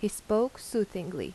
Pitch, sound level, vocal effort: 215 Hz, 82 dB SPL, normal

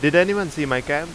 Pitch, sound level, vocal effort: 150 Hz, 92 dB SPL, very loud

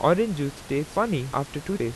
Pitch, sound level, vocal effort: 145 Hz, 87 dB SPL, normal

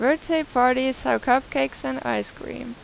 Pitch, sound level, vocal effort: 250 Hz, 88 dB SPL, normal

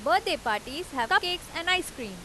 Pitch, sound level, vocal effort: 330 Hz, 94 dB SPL, loud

